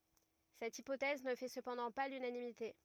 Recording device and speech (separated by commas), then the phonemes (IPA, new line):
rigid in-ear microphone, read sentence
sɛt ipotɛz nə fɛ səpɑ̃dɑ̃ pa lynanimite